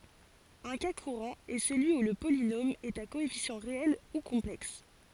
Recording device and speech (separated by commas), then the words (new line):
forehead accelerometer, read sentence
Un cas courant est celui où le polynôme est à coefficients réels ou complexes.